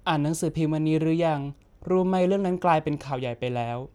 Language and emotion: Thai, neutral